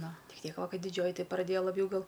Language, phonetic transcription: Lithuanian, ˈnu ˈtik ˈtiek ˈva ˈkai diˈdžioji ˈtai praˈdėja laˈbjau ˈgal

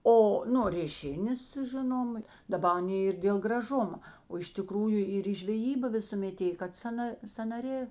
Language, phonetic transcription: Lithuanian, ˈo nu rėˈšinės ˈžinoma daˈba aˈnė ir dėl graˈžuma o iš tiˈkrųju ir į žveˈjyba visuˈmet ˈėj kad ˈsana sanaˈrė

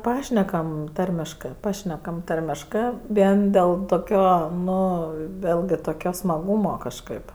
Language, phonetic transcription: Lithuanian, ˈpašnekam ˈtarmiškɜ ˈpašnekam ˈtarmiškɜ ˈvien ˈdėl toˈkio ˈnu ˈvėlgi toˈkio smaˈgūmo kažˈkɜp

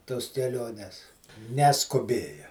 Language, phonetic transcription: Lithuanian, tos keˈliones neskuˈbėja

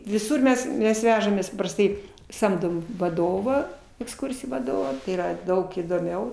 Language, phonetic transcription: Lithuanian, viˈsur mes ˈmes ˈvežamės paprasˈtai ˈsamdom vaˈdovą eksˈkursijų vaˈdovą tai yˈra ˈdaug įdoˈmiau

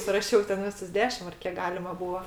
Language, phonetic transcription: Lithuanian, suraˈšiau ten ˈvisus ˈdešim ar ˈkiek ˈgalima ˈbūa

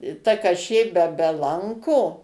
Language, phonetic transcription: Lithuanian, i ˈta kaˈšė be be ˈlanko

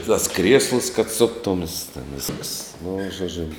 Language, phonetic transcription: Lithuanian, tas ˈkrieslus kad ˈsuktums ten ˈviskas nu žoˈdžiu

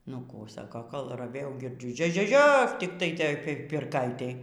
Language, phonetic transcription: Lithuanian, nu ˈkų ˈsako kol raˈvėjau girˈdžiu ˈžio ˈžio ˈžio tiktai ˈtoj pirˈkaitėj

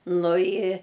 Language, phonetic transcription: Lithuanian, nu i

